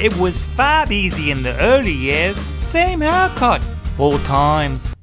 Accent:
liverpool accent